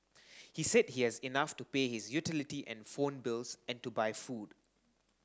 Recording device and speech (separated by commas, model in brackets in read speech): standing microphone (AKG C214), read sentence